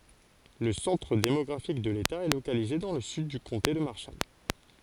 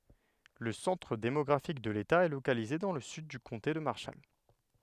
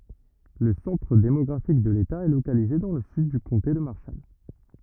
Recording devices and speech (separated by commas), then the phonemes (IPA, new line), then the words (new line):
forehead accelerometer, headset microphone, rigid in-ear microphone, read sentence
lə sɑ̃tʁ demɔɡʁafik də leta ɛ lokalize dɑ̃ lə syd dy kɔ̃te də maʁʃal
Le centre démographique de l'État est localisé dans le sud du comté de Marshall.